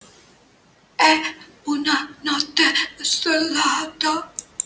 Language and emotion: Italian, fearful